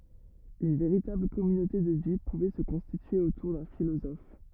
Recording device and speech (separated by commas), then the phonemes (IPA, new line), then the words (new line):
rigid in-ear microphone, read sentence
yn veʁitabl kɔmynote də vi puvɛ sə kɔ̃stitye otuʁ dœ̃ filozɔf
Une véritable communauté de vie pouvait se constituer autour d'un philosophe.